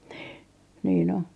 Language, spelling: Finnish, niin niin on
- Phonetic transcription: nii , niin ‿o .

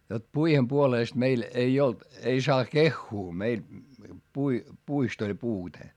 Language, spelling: Finnish, jotta puiden puolesta meillä ei ollut ei saa kehua meillä - puista oli puute
- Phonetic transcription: jot puihem puolèst meil , ei olt , ei saa keχχuu meil , pui- , puist ‿oĺ puute .

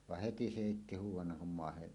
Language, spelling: Finnish, vaan heti se heitti huudon kun maahan
- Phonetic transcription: vah heti se hèitti 'huuw̆wannaŋ kum màehen ,.

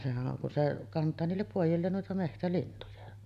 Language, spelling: Finnish, sehän on kun se kantaa niille pojilleen noita metsälintuja
- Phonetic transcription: sehä’ ’oŋ kun se , 'kant̀aa niillep 'pòij̆jilleen nuita 'mehtälintuja .

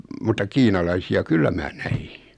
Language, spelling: Finnish, mutta kiinalaisia kyllä minä näin
- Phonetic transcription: mutta 'kiinalaisi₍a "kyllä mää 'näjɪ .

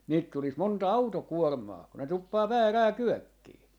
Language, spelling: Finnish, niitä tulisi monta autokuormaa kun ne tuppaa väärään kyökkiin
- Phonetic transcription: niit tulis 'monta "autokuormaa , ku ne 'tuppaa "väärää "kyökkii .

